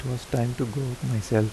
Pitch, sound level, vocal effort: 125 Hz, 78 dB SPL, soft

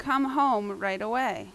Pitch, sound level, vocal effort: 260 Hz, 88 dB SPL, loud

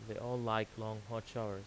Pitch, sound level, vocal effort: 110 Hz, 86 dB SPL, normal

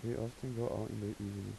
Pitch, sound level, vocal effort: 110 Hz, 81 dB SPL, soft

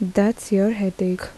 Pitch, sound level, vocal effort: 200 Hz, 77 dB SPL, soft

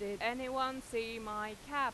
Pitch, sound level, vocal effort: 230 Hz, 94 dB SPL, loud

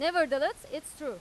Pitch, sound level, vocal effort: 315 Hz, 98 dB SPL, very loud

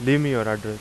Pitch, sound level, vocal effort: 115 Hz, 89 dB SPL, loud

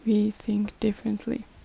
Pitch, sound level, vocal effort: 215 Hz, 73 dB SPL, soft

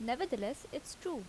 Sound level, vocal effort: 80 dB SPL, normal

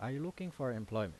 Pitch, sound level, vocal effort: 130 Hz, 85 dB SPL, normal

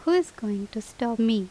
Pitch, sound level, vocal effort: 225 Hz, 82 dB SPL, normal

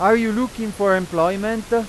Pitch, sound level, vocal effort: 220 Hz, 98 dB SPL, very loud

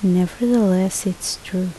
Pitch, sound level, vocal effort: 185 Hz, 73 dB SPL, soft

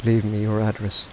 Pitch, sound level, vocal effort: 105 Hz, 80 dB SPL, soft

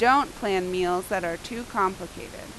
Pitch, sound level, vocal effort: 190 Hz, 89 dB SPL, loud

